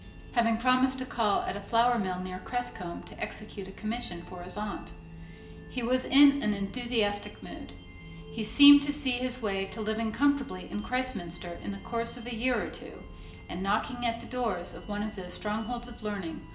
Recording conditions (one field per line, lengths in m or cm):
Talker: one person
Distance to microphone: 1.8 m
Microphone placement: close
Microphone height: 1.0 m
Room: large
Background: music